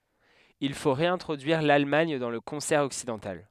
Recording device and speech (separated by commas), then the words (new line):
headset microphone, read sentence
Il faut réintroduire l’Allemagne dans le concert occidental.